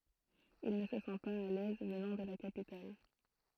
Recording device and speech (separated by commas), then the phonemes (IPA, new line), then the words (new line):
throat microphone, read sentence
il nə sə sɑ̃ paz a lɛz vənɑ̃ də la kapital
Il ne se sent pas à l'aise, venant de la capitale.